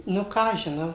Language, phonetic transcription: Lithuanian, ˈnu ˈką aš žiˈnau

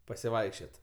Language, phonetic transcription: Lithuanian, pasiˈvaikščiot'

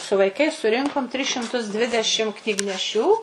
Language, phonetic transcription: Lithuanian, su vaiˈkais suˈrinkom tris šimˈtus ˈdvidešim knygneˈšių

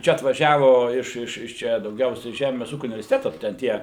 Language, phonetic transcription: Lithuanian, ˈčia atvaˈžiavo iš iš ˈčia dauˈgiausiai ˈžemės ˈūkiu universiteto ten tie

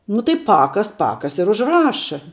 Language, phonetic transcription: Lithuanian, nu tai ˈpakas ˈpakas ir užˈraša

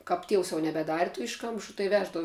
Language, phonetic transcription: Lithuanian, kap ˈtievs jau nebeˈdari tu ˈiškamšu tai ˈveždavu

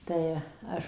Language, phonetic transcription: Lithuanian, tai ˈaš

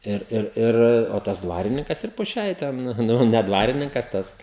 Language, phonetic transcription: Lithuanian, ˈir ˈir ˈir o ˈtas ˈdvarininkas ir po ˈšiai ˈten ˈnu ne ˈdvarininkas ˈtas

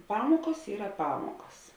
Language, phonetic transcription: Lithuanian, ˈpamokos ˈyra ˈpamokas

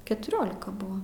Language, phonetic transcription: Lithuanian, ketuˈriolika ˈbuva

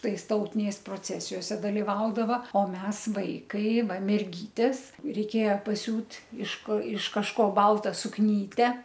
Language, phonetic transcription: Lithuanian, ˈtais ˈtautiniais proˈcesijose daliˈvaudava o ˈmes ˈvaikai ˈva merˈgytės reiˈkėja paˈsiūt' iš ko iš kažˈko ˈbalta sukˈnyte

